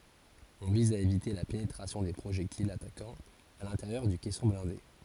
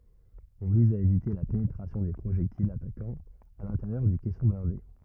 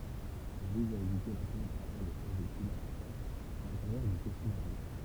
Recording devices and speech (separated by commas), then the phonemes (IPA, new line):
forehead accelerometer, rigid in-ear microphone, temple vibration pickup, read sentence
ɔ̃ viz a evite la penetʁasjɔ̃ de pʁoʒɛktilz atakɑ̃z a lɛ̃teʁjœʁ dy kɛsɔ̃ blɛ̃de